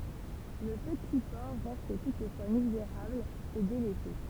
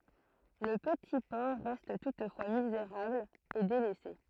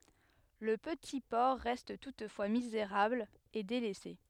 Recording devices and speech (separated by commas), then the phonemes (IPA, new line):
temple vibration pickup, throat microphone, headset microphone, read sentence
lə pəti pɔʁ ʁɛst tutfwa mizeʁabl e delɛse